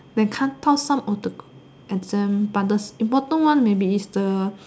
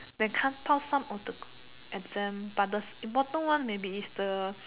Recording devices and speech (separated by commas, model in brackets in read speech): standing microphone, telephone, conversation in separate rooms